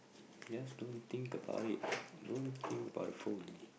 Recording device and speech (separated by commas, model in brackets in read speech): boundary microphone, conversation in the same room